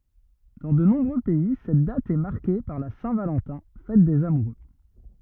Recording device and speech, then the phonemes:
rigid in-ear microphone, read sentence
dɑ̃ də nɔ̃bʁø pɛi sɛt dat ɛ maʁke paʁ la sɛ̃ valɑ̃tɛ̃ fɛt dez amuʁø

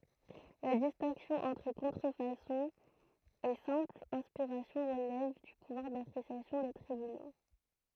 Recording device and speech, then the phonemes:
throat microphone, read sentence
la distɛ̃ksjɔ̃ ɑ̃tʁ kɔ̃tʁəfasɔ̃ e sɛ̃pl ɛ̃spiʁasjɔ̃ ʁəlɛv dy puvwaʁ dapʁesjasjɔ̃ de tʁibyno

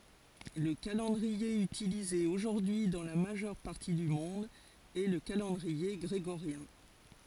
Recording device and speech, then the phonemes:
forehead accelerometer, read sentence
lə kalɑ̃dʁie ytilize oʒuʁdyi dɑ̃ la maʒœʁ paʁti dy mɔ̃d ɛ lə kalɑ̃dʁie ɡʁeɡoʁjɛ̃

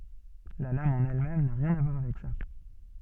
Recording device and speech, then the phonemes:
soft in-ear microphone, read sentence
la lam ɑ̃n ɛl mɛm na ʁjɛ̃n a vwaʁ avɛk sa

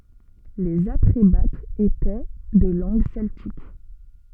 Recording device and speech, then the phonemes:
soft in-ear microphone, read sentence
lez atʁebatz etɛ də lɑ̃ɡ sɛltik

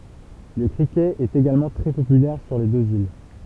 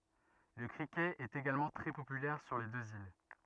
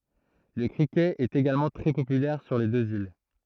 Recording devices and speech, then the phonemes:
temple vibration pickup, rigid in-ear microphone, throat microphone, read sentence
lə kʁikɛt ɛt eɡalmɑ̃ tʁɛ popylɛʁ syʁ le døz il

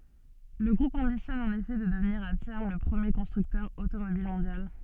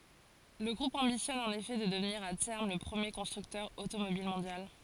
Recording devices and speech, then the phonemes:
soft in-ear microphone, forehead accelerometer, read sentence
lə ɡʁup ɑ̃bisjɔn ɑ̃n efɛ də dəvniʁ a tɛʁm lə pʁəmje kɔ̃stʁyktœʁ otomobil mɔ̃djal

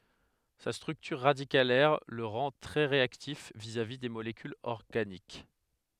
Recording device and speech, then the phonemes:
headset microphone, read sentence
sa stʁyktyʁ ʁadikalɛʁ lə ʁɑ̃ tʁɛ ʁeaktif vizavi de molekylz ɔʁɡanik

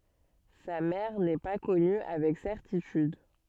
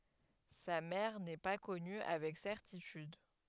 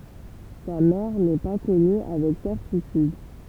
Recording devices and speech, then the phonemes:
soft in-ear microphone, headset microphone, temple vibration pickup, read sentence
sa mɛʁ nɛ pa kɔny avɛk sɛʁtityd

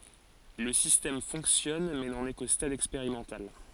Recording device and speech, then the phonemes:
forehead accelerometer, read sentence
lə sistɛm fɔ̃ksjɔn mɛ nɑ̃n ɛ ko stad ɛkspeʁimɑ̃tal

